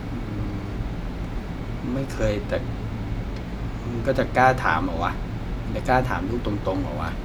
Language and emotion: Thai, frustrated